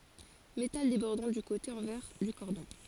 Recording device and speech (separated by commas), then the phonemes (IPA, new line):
forehead accelerometer, read sentence
metal debɔʁdɑ̃ dy kote ɑ̃vɛʁ dy kɔʁdɔ̃